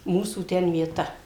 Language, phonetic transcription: Lithuanian, ˈmūsų ˈten vieˈta

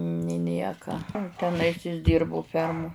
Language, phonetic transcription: Lithuanian, ni ˈnieka teˈnais is ˈdirbu ˈfermu

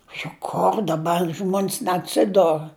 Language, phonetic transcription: Lithuanian, juk ˈkor daˈbar ˈžmon's neatˈsidor

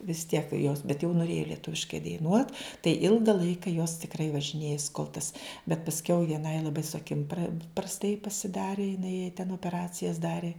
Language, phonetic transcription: Lithuanian, vis tiek jos bet jau nuˈrėja lieˈtuviškai daiˈnuot tai ˈilga ˈlaika jos tikˈrai važiˈnėjas kol tas bet pasˈkiau vieˈnai laˈbai su aˈkim pra prasˈtai pasiˈdari jiˈnai jai ten opeˈracijas ˈdari

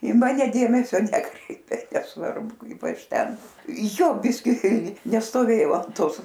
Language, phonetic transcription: Lithuanian, i ˈmane ˈdėmesio ˈnekreipė nesˈvarbu ˈkaip ˈaš ˈten ˈjo ˈbiski nestoˈvėjau an ˈtosˈ

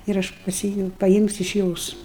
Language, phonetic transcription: Lithuanian, ir ˈaš paˈsi paˈjimsiu iš ˈjos

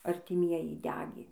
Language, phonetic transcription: Lithuanian, artiˈmieji ˈdegė

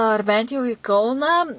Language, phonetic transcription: Lithuanian, ar ˈbent jau į ˈkauną

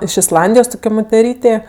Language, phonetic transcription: Lithuanian, iš isˈlandijos ˈtukio moteˈrytė

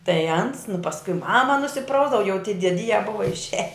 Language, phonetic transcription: Lithuanian, tai ans nu pasˈkui ˈmama nusiˈprausdava jau tie dieˈdyja ˈbuva išˈiaj

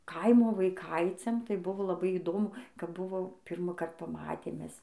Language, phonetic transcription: Lithuanian, ˈkaimo vaiˈkaiciam tai ˈbuvo laˈbai įˈdomu kap ˈbuvo ˈpyrmąkart paˈmatėm ˈmes

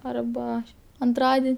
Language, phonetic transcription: Lithuanian, ˈarba anˈtradin'

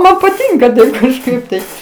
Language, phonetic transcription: Lithuanian, ˈman paˈtinka ˈdaug kažˈkaip tai

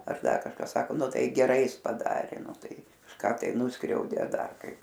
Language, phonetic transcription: Lithuanian, ar ˈdar kažˈka ˈsako ˈnu ˈtai geˈrai ˈjis paˈdarė ˈnu ˈtai kažˈką tai ˈnuskriaudė a ˈdar ˈkaip

